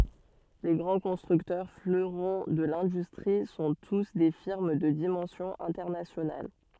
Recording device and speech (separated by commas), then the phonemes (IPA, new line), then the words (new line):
soft in-ear microphone, read sentence
le ɡʁɑ̃ kɔ̃stʁyktœʁ fløʁɔ̃ də lɛ̃dystʁi sɔ̃ tus de fiʁm də dimɑ̃sjɔ̃ ɛ̃tɛʁnasjonal
Les grands constructeurs, fleurons de l'industrie, sont tous des firmes de dimension internationale.